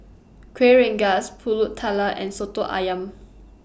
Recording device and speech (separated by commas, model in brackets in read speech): boundary microphone (BM630), read sentence